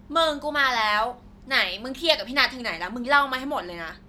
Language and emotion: Thai, frustrated